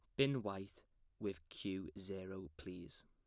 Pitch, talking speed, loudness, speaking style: 95 Hz, 125 wpm, -45 LUFS, plain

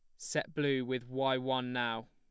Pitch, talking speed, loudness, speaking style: 130 Hz, 190 wpm, -34 LUFS, plain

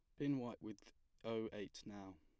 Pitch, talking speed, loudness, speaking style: 110 Hz, 180 wpm, -47 LUFS, plain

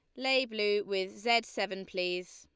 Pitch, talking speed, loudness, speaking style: 200 Hz, 165 wpm, -31 LUFS, Lombard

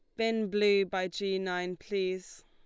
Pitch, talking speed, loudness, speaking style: 195 Hz, 160 wpm, -31 LUFS, Lombard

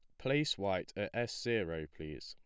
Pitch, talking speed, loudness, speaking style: 100 Hz, 175 wpm, -37 LUFS, plain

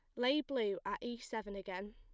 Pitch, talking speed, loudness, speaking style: 240 Hz, 210 wpm, -39 LUFS, plain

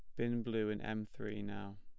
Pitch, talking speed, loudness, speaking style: 105 Hz, 225 wpm, -40 LUFS, plain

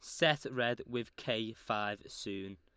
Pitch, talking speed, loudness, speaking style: 110 Hz, 150 wpm, -36 LUFS, Lombard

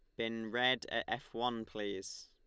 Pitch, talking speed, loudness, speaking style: 115 Hz, 175 wpm, -37 LUFS, Lombard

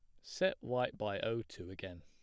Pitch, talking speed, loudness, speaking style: 105 Hz, 200 wpm, -39 LUFS, plain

